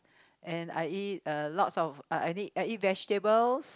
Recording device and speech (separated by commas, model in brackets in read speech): close-talking microphone, conversation in the same room